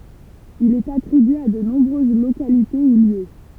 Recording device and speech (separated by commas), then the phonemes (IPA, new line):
temple vibration pickup, read sentence
il ɛt atʁibye a də nɔ̃bʁøz lokalite u ljø